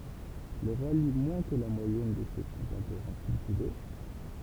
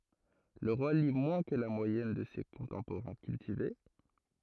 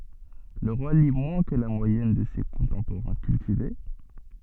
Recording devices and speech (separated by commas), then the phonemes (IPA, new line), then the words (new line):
temple vibration pickup, throat microphone, soft in-ear microphone, read sentence
lə ʁwa li mwɛ̃ kə la mwajɛn də se kɔ̃tɑ̃poʁɛ̃ kyltive
Le roi lit moins que la moyenne de ses contemporains cultivés.